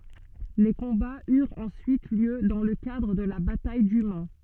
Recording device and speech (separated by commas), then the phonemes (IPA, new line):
soft in-ear microphone, read sentence
le kɔ̃baz yʁt ɑ̃syit ljø dɑ̃ lə kadʁ də la bataj dy man